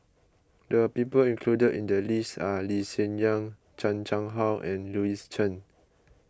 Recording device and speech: close-talking microphone (WH20), read sentence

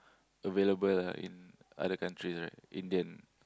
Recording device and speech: close-talking microphone, conversation in the same room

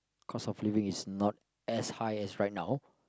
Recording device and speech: close-talking microphone, conversation in the same room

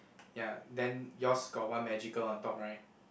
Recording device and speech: boundary microphone, conversation in the same room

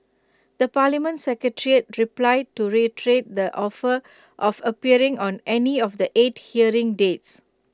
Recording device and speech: close-talking microphone (WH20), read sentence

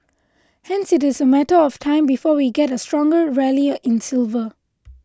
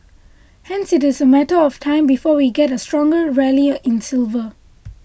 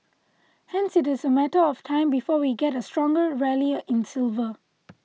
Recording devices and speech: close-talking microphone (WH20), boundary microphone (BM630), mobile phone (iPhone 6), read sentence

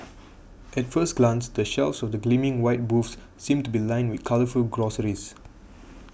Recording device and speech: boundary microphone (BM630), read sentence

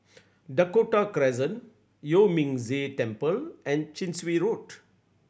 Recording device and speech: boundary microphone (BM630), read sentence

